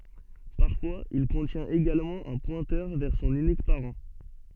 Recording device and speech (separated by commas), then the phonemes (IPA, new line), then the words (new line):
soft in-ear microphone, read sentence
paʁfwaz il kɔ̃tjɛ̃t eɡalmɑ̃ œ̃ pwɛ̃tœʁ vɛʁ sɔ̃n ynik paʁɑ̃
Parfois, il contient également un pointeur vers son unique parent.